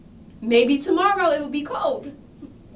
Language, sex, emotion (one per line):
English
female
happy